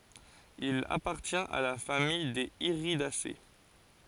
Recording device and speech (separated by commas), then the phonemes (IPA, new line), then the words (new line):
forehead accelerometer, read sentence
il apaʁtjɛ̃t a la famij dez iʁidase
Il appartient à la famille des Iridacées.